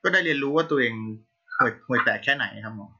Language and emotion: Thai, frustrated